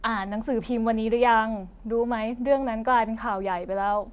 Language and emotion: Thai, neutral